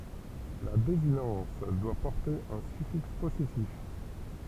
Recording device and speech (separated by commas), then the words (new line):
temple vibration pickup, read sentence
La désinence doit porter un suffixe possessif.